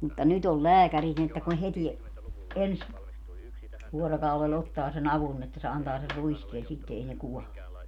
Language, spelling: Finnish, mutta nyt on lääkärit niin että kun heti ensi vuorokaudella ottaa sen avun niin että se antaa sen ruiskeen sitten ei ne kuole
- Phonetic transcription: mutta 'nyt ‿ol "lääkärit ni että kun 'heti , 'ens , 'vuorokaulel 'ottaa se'n ‿avun n ‿että se 'antaa ser "ruiskeen̬ 'sitte ei ne 'kuɔle .

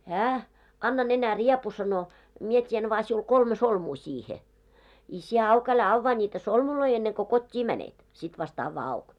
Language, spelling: Finnish, hän anna nenäriepu sanoi minä teen vain sinulle kolme solmua siihen i sinä auki älä avaa niitä solmuja ennen kuin kotiin menet sitten vasta avaa auki
- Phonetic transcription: 'hää , » 'anna 'nenä"riepu « sano , » 'mie 't́ien vaa siul 'kolme "solmuu siihe , i sie 'au'k ‿älä 'avvaa ńiitä "solmuloi enneŋ ko 'kot́t́ii 'mänet , sit vast 'avvaa 'auk .

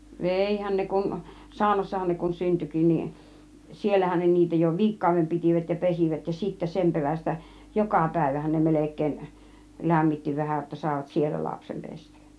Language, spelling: Finnish, veihän ne kun saunassahan ne kun syntyikin niin siellähän ne niitä jo viikkokauden pitivät ja pesivät ja sitten sen perästä joka päivähän ne melkein lämmitti vähän jotta saivat siellä lapsen pestä
- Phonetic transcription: vèihän ne kun , 'sàunassahan 'ne kun "syntykin nin , "siellähän ne niitä jo "viik̀kàuvem 'pitìvät ja 'pesivät ja 'sittä "sem 'perästä , "jokà 'pä̀ivähän ne 'melek̀èin , "lämmitti 'vähä ətta sàivat "siellä 'lapsem "pest(Äk) .

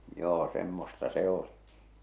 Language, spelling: Finnish, joo semmoista se oli
- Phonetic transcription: joo semmosta 'se oli .

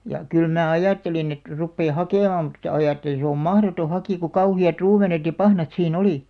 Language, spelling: Finnish, ja kyllä minä ajattelin että rupean hakemaan mutta ajattelin se on mahdoton hakea kun kauheat ruumenet ja pahnat siinä oli
- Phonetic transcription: ja , 'kyl mää "ajàttelin ‿et , 'ruppee "hakèmàm mut(tᴀ) 'ajàttelin̬ se om "mahroto 'hakì ku "kauhi₍at 'ruumenet ja "pahnat sii"n ‿olì .

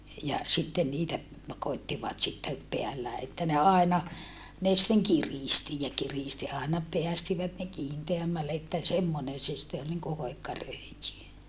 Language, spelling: Finnish, ja sitten niitä koettivat sitten päällään että ne aina ne sitten kiristi ja kiristi aina päästivät ne kiinteämmälle että semmoinen se sitten oli niin kuin hoikka röijy
- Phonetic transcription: ja , sitten niitä , koittivat sitte , peällää että ne àena , ne sitteŋ kirìsti ja kiristi àena , peästivät ne kiinteämmälle että , semmonen se sⁱtte ol niŋku hoikka rö̀ijy .

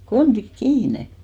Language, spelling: Finnish, kontit kiinni
- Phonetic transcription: 'kontik "kiine !

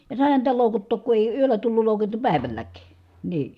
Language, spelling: Finnish, ja saihan niitä loukuttaa kun ei yöllä tullut loukutettua päivälläkin niin
- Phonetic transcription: ja sài̮han niitä lòukuttook ku èi yöllä tullul lòukute(tu) pä̀i̮välläk̀ii , nii .

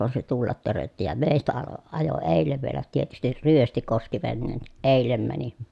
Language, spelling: Finnish, vaan se tulla törötti ja meistä - ajoi edelle vielä tietysti ryösti koski veneen niin eilen meni
- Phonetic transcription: voan se tullat törötti ja mèi̮stä alo , ajo èillev vielä tietystir ryösti koski venneen niʼ ʼèil̀em mäni .

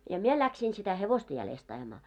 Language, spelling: Finnish, ja minä lähdin sitä hevosta jäljestä ajamaan
- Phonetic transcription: ja 'mie 'läksiin sitä 'hevosta 'jälest ‿aʲᵃmaa .

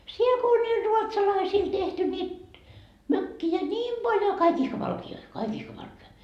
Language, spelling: Finnish, siellä kun oli niille ruotsalaisille tehty niitä mökkejä niin paljon kaikki ihka valkeita kaikki ihka valkeita
- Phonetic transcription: 'siel ko oĺ niil 'ruotsalaisiil tehty niit , "mökki₍ä ńiim Baljo "kaik 'ihka 'valki₍oi , "kaik ihka valke₍a .

